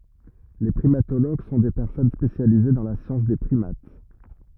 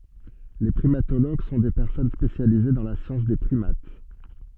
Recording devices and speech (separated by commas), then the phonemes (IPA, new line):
rigid in-ear microphone, soft in-ear microphone, read sentence
le pʁimatoloɡ sɔ̃ de pɛʁsɔn spesjalize dɑ̃ la sjɑ̃s de pʁimat